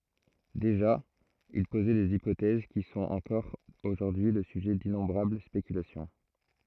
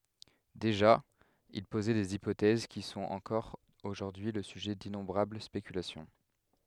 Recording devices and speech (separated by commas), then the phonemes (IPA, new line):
throat microphone, headset microphone, read sentence
deʒa il pozɛ dez ipotɛz ki sɔ̃t ɑ̃kɔʁ oʒuʁdyi lə syʒɛ dinɔ̃bʁabl spekylasjɔ̃